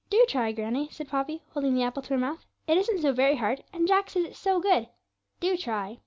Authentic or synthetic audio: authentic